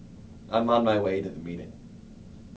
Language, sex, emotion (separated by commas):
English, male, neutral